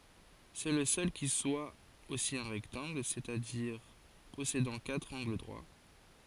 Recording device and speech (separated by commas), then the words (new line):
forehead accelerometer, read sentence
C'est le seul qui soit aussi un rectangle, c'est-à-dire possédant quatre angles droits.